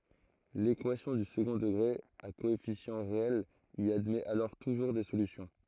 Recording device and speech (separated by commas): throat microphone, read sentence